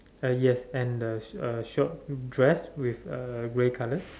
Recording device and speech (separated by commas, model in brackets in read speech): standing microphone, conversation in separate rooms